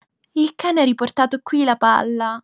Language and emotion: Italian, happy